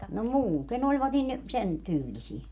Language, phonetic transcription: Finnish, no 'muuten ‿oĺvat nin , 'sen , "tyylisie .
- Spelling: no muuten olivat niin sen tyylisiä

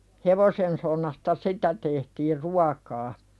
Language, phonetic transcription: Finnish, 'hevosensonnasta "sitä tehtiir "ruakaa .
- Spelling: hevosensonnasta sitä tehtiin ruokaa

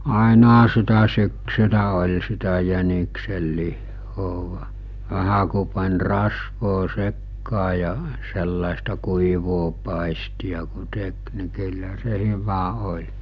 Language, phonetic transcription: Finnish, 'àenaha sitä syksylä oĺ sitä jäniksellihhoo , 'vähä ku pan̜ 'rasvoo 'sekkaa ja , sellàesta 'kuivoo 'pàisti₍a ku 'tek ni kyllä se 'hyvä 'oĺ .
- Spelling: ainahan sitä syksyllä oli sitä jäniksenlihaa vähän kun pani rasvaa sekaan ja sellaista kuivaa paistia kun teki niin kyllä se hyvä oli

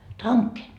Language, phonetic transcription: Finnish, 'taŋke .
- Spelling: tanke

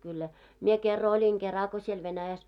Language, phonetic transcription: Finnish, kyllä , 'mie kerra oĺiŋ 'kera ko siel 'Venäjäs .
- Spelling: kyllä minä kerran olin kerran kun siellä Venäjässä

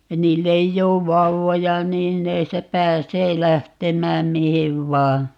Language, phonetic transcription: Finnish, 'niil'l ‿eij'j ‿oov "vauvoja 'niin ne (sitä) 'pääsee 'lähtemääm 'mihiv "vaa .
- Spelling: niillä ei ole vauvoja niin ne sitä pääsee lähtemään mihin vain

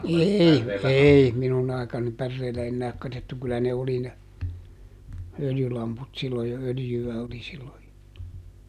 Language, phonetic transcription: Finnish, "eei , ˈèi , ˈminun ‿aikaani ˈpärreelä ennääk katett kyllä ne oli ne , ˈöljylamput sillo jo - ˈöljy₍ä oli silloj jo .
- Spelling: ei ei minun aikaani päreellä enää katsottu kyllä ne oli ne öljylamput silloin jo öljyä oli silloin jo

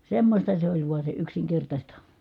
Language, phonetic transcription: Finnish, semmośta se oĺ vua se yksiŋkertaśta .
- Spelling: semmoista se oli vain se yksinkertaista

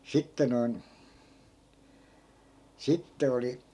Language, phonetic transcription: Finnish, 'sitte noin , 'sitte oli ,.
- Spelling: sitten noin sitten oli

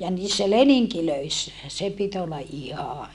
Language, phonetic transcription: Finnish, ja niissä leniŋkilöissä , se pit ‿olla ʼiha .
- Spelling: ja niissä leningeissä se piti olla ihan

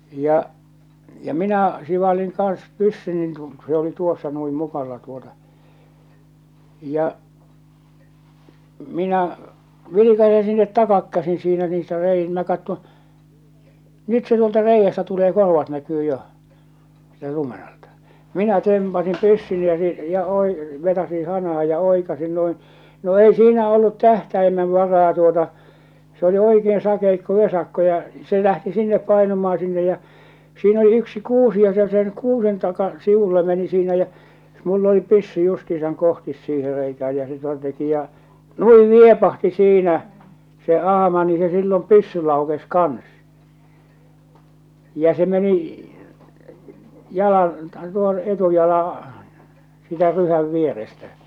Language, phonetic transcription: Finnish, ja , ja 'minä , 'sivaliŋ kans 'pyssynin (kun) , se oli 'tuossa nui 'mukalla tuota , ja , 'minä , 'vilikase sinnet 'takakkäsin̬ siinä niistä rei- , minä kattoo̰ , 'nyt se tuolta 'reijjästä tulee 'korvat näkyy 'joʰ , sɪ̳tä 'lumen ‿alta , 'minä "tempasim 'pyssyni ja , ja , oi- , 'vetasin 'hanah̬a ja 'oikasin "noin , no 'ei 'siinä "ollut "tähtäimev 'varaa tuota , se oli 'oikeen 'sakeikko "vesakko ja , 'se 'lähti 'sinnep 'painumaa 'sinnej ja͕ , siin ‿oli yksi "kuusi ja se sen "kuusen taka , 'sivulle meni siinä jä , mull ‿oli 'pyssy justiisaŋ 'kohtis 'siihe reikääj jä se (ton) teki ja , "nui "niepahti 'siinä , se 'ahama , ni se sillom "pyssy 'laukes "kans , ja se meni , 'jalan , tuon , 'etujalaa̰ , siitä 'ryhäv vierestä .
- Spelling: ja ja minä sivalsin kanssa pyssyni kun se oli tuossa noin mukalla tuota ja minä vilkaisen sinne takaa käsin siinä niistä - minä katson nyt se tuolta reiästä tulee korvat näkyy jo siitä lumen alta minä tempaisin pyssyni ja ja - vetäisin hanaan ja oikaisin noin no ei siinä ollut tähtäimessä varaa tuota se oli oikein sakeikko vesakko ja se lähti sinne painumaan sinne ja siinä oli yksi kuusi ja se sen kuusen taa sivulle meni siinä jäi minulla oli pyssy justiinsa kohti siihen reikään ja se tuon teki ja noin niepahti siinä se ahma niin se silloin pyssy laukesi kanssa ja se meni jalan tuon etujalan siitä ryhän vierestä

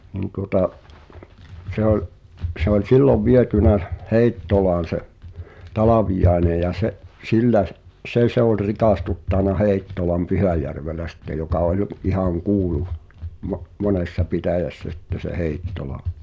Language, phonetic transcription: Finnish, nin tuŏta’ , se ‿oĺ , se ‿ol "sillov vietynä , 'Heittolaan̬ se’ , "Talavijaene ja se’ , 'sillä s- , "’se se ‿oĺ 'rikàstuttàna 'Hèi̬ttolam "Pyhäjärvelä sⁱtte joka oĺ , 'ihaŋ "kuulu , mo- , 'monessa "pitä̀jässä sitte se 'Heittola .
- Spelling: niin tuota se oli se oli silloin viety Heittolaan se Talviainen ja se sillä - se se oli rikastuttanut Heittolan Pyhäjärvellä sitten joka oli ihan kuulu - monessa pitäjässä sitten se Heittola

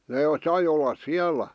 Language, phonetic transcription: Finnish, 'nee , sai ollas 'siäl̀ä .
- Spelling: ne sai olla siellä

